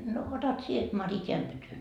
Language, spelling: Finnish, no otat sinä Mari tämän pytyn
- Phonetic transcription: » no otat 'sie 'Mari 'teäm pytyn ?

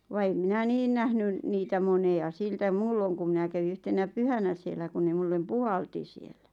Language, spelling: Finnish, vaan en minä niin nähnyt niitä montaa siltä muulloin kun minä kävin yhtenä pyhänä siellä kun ne minulle puhalsi siellä
- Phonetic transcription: va 'em minä "niin nähnyn , niitä 'mone₍a 'siltä 'muulloŋ kuᵐ 'minä kävi 'yhtenä "pyhänä siellä kun ne 'mullem "puhalti siellä .

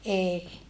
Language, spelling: Finnish, ei
- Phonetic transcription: ʼee .

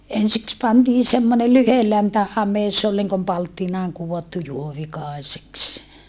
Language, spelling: Finnish, ensiksi pantiin semmoinen lyhyenläntä hame se oli niin kuin palttinaan kudottu juovikaiseksi
- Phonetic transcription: ensiks pantii semmone lyheläntä hames̀ se ol niŋkom palttinaaŋ kuvottu juovikàeseks .

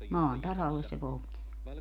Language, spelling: Finnish, maan tasalle se poltti sen
- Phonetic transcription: 'maan "tasalles se 'poltti se .

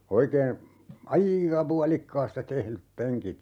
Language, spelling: Finnish, oikein aika puolikkaasta tehdyt penkit
- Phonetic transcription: 'oikee , "a₍iika 'pualikkaasta 'tehlyp 'peŋkit .

